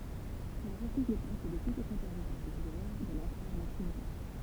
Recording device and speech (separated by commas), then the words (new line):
temple vibration pickup, read sentence
Il refuse le poste de sous-secrétaire d'État à la guerre de l'empereur Maximilien.